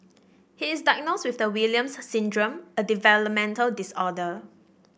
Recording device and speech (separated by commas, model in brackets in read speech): boundary microphone (BM630), read sentence